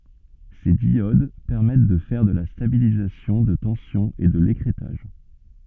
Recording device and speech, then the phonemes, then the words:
soft in-ear microphone, read sentence
se djod pɛʁmɛt də fɛʁ də la stabilizasjɔ̃ də tɑ̃sjɔ̃ e də lekʁɛtaʒ
Ces diodes permettent de faire de la stabilisation de tension et de l'écrêtage.

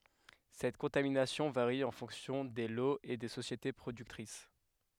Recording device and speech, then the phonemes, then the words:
headset microphone, read sentence
sɛt kɔ̃taminasjɔ̃ vaʁi ɑ̃ fɔ̃ksjɔ̃ de loz e de sosjete pʁodyktʁis
Cette contamination varie en fonction des lots et des sociétés productrices.

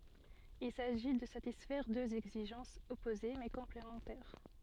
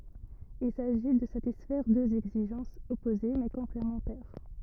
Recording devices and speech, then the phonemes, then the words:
soft in-ear microphone, rigid in-ear microphone, read sentence
il saʒi də satisfɛʁ døz ɛɡziʒɑ̃sz ɔpoze mɛ kɔ̃plemɑ̃tɛʁ
Il s'agit de satisfaire deux exigences opposées mais complémentaires.

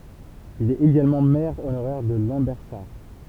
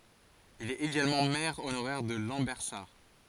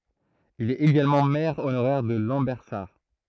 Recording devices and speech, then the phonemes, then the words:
temple vibration pickup, forehead accelerometer, throat microphone, read sentence
il ɛt eɡalmɑ̃ mɛʁ onoʁɛʁ də lɑ̃bɛʁsaʁ
Il est également maire honoraire de Lambersart.

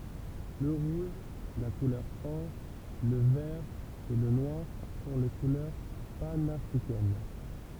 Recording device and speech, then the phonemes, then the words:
temple vibration pickup, read sentence
lə ʁuʒ la kulœʁ ɔʁ lə vɛʁ e lə nwaʁ sɔ̃ le kulœʁ panafʁikɛn
Le rouge, la couleur or, le vert et le noir sont les couleurs panafricaines.

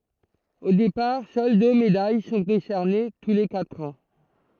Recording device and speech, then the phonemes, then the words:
throat microphone, read sentence
o depaʁ sœl dø medaj sɔ̃ desɛʁne tu le katʁ ɑ̃
Au départ, seules deux médailles sont décernées tous les quatre ans.

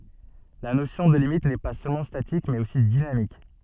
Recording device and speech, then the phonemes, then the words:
soft in-ear microphone, read sentence
la nosjɔ̃ də limit nɛ pa sølmɑ̃ statik mɛz osi dinamik
La notion de limite n'est pas seulement statique mais aussi dynamique.

